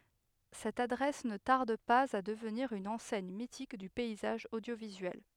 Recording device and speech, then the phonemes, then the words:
headset microphone, read sentence
sɛt adʁɛs nə taʁd paz a dəvniʁ yn ɑ̃sɛɲ mitik dy pɛizaʒ odjovizyɛl
Cette adresse ne tarde pas à devenir une enseigne mythique du paysage audiovisuel.

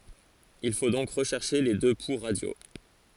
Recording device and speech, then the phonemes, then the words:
forehead accelerometer, read sentence
il fo dɔ̃k ʁəʃɛʁʃe le dø pu ʁadjo
Il faut donc rechercher les deux pouls radiaux.

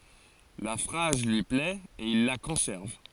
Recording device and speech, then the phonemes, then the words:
forehead accelerometer, read sentence
la fʁaz lyi plɛt e il la kɔ̃sɛʁv
La phrase lui plait et il la conserve.

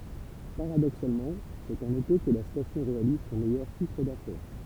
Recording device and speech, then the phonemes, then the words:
temple vibration pickup, read sentence
paʁadoksalmɑ̃ sɛt ɑ̃n ete kə la stasjɔ̃ ʁealiz sɔ̃ mɛjœʁ ʃifʁ dafɛʁ
Paradoxalement, c'est en été que la station réalise son meilleur chiffre d'affaires.

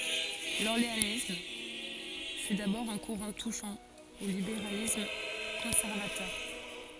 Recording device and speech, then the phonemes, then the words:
forehead accelerometer, read sentence
lɔʁleanism fy dabɔʁ œ̃ kuʁɑ̃ tuʃɑ̃ o libeʁalism kɔ̃sɛʁvatœʁ
L'orléanisme fut d'abord un courant touchant au libéralisme conservateur.

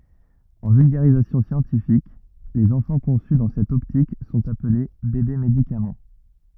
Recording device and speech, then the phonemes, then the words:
rigid in-ear microphone, read sentence
ɑ̃ vylɡaʁizasjɔ̃ sjɑ̃tifik lez ɑ̃fɑ̃ kɔ̃sy dɑ̃ sɛt ɔptik sɔ̃t aple bebe medikamɑ̃
En vulgarisation scientifique, les enfants conçus dans cette optique sont appelés bébés-médicaments.

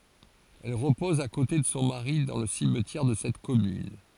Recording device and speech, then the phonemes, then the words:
forehead accelerometer, read sentence
ɛl ʁəpɔz a kote də sɔ̃ maʁi dɑ̃ lə simtjɛʁ də sɛt kɔmyn
Elle repose à côté de son mari dans le cimetière de cette commune.

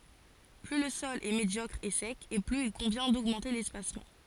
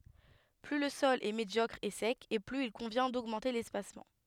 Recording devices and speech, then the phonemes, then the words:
forehead accelerometer, headset microphone, read sentence
ply lə sɔl ɛ medjɔkʁ e sɛk e plyz il kɔ̃vjɛ̃ doɡmɑ̃te lɛspasmɑ̃
Plus le sol est médiocre et sec et plus il convient d'augmenter l'espacement.

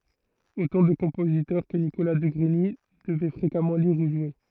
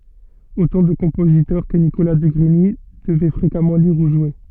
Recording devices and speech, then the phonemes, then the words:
throat microphone, soft in-ear microphone, read sentence
otɑ̃ də kɔ̃pozitœʁ kə nikola də ɡʁiɲi dəvɛ fʁekamɑ̃ liʁ u ʒwe
Autant de compositeurs que Nicolas de Grigny devait fréquemment lire ou jouer.

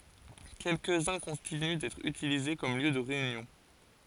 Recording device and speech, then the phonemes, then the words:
forehead accelerometer, read sentence
kɛlkəzœ̃ kɔ̃tiny dɛtʁ ytilize kɔm ljø də ʁeynjɔ̃
Quelques-uns continuent d'être utilisés comme lieu de réunion.

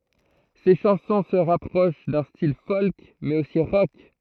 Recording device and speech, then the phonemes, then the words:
throat microphone, read sentence
se ʃɑ̃sɔ̃ sə ʁapʁoʃ dœ̃ stil fɔlk mɛz osi ʁɔk
Ses chansons se rapprochent d'un style folk mais aussi rock.

